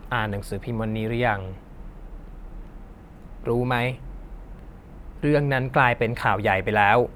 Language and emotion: Thai, neutral